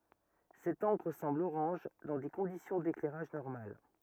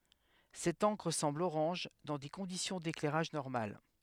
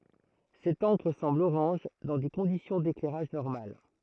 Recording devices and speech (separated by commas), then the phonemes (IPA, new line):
rigid in-ear microphone, headset microphone, throat microphone, read sentence
sɛt ɑ̃kʁ sɑ̃bl oʁɑ̃ʒ dɑ̃ de kɔ̃disjɔ̃ deklɛʁaʒ nɔʁmal